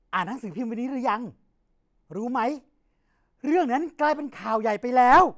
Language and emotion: Thai, happy